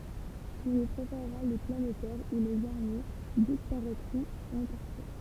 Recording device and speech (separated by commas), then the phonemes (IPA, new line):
temple vibration pickup, read sentence
ɔ̃ lyi pʁefɛʁʁa le planetɛʁz u lez aʁmij dispaʁɛtʁɔ̃t ɑ̃ paʁti